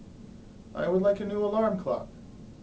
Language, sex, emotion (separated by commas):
English, male, neutral